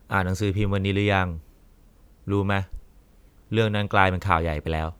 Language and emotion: Thai, frustrated